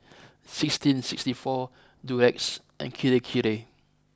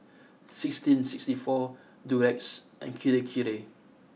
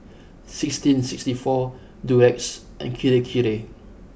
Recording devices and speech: close-talking microphone (WH20), mobile phone (iPhone 6), boundary microphone (BM630), read sentence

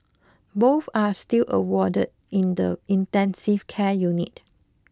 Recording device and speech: close-talking microphone (WH20), read sentence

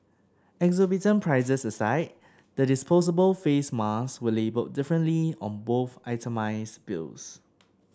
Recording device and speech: standing microphone (AKG C214), read sentence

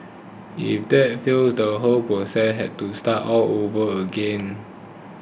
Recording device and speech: boundary microphone (BM630), read sentence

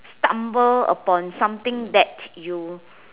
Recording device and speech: telephone, conversation in separate rooms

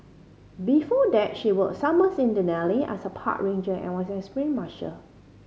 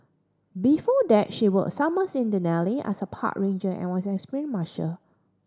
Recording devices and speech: mobile phone (Samsung C5010), standing microphone (AKG C214), read sentence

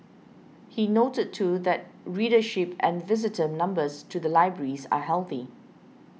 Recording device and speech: mobile phone (iPhone 6), read sentence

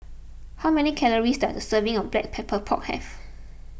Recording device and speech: boundary microphone (BM630), read sentence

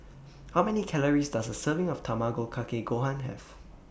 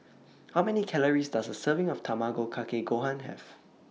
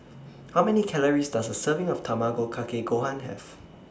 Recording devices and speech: boundary microphone (BM630), mobile phone (iPhone 6), standing microphone (AKG C214), read sentence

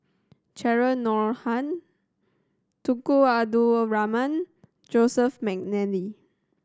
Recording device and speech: standing microphone (AKG C214), read sentence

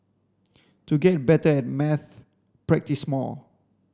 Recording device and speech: standing microphone (AKG C214), read sentence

